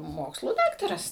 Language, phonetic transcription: Lithuanian, ˈmokslų ˈdaktaras

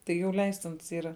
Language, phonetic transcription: Lithuanian, tai jau ˈleistins ˈyra

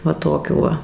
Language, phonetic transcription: Lithuanian, ˈva ˈtokių ˈva

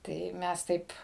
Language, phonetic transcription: Lithuanian, ˈtai ˈmes ˈtaip

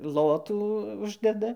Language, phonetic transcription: Lithuanian, ˈlotų ˈuždeda

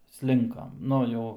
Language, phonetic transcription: Lithuanian, ˈslinkam ˈnu jau

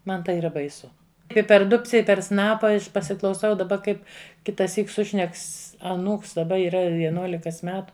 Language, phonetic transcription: Lithuanian, ˈman tai yˈra baiˈsu ˈi per ˈdubce ˈi per ˈsnapa pasiklauˈsau daˈba ˈkaip kitaˈsyk ˈsušneks aˈnūks daˈba yˈra vieˈnuolikas ˈmetu

